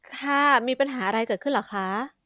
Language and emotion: Thai, neutral